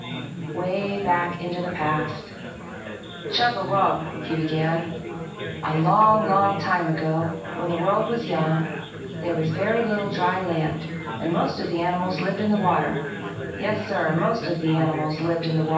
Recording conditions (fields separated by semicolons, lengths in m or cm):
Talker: one person; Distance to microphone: 9.8 m; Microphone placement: far; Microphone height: 1.8 m; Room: large; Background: babble